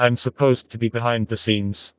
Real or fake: fake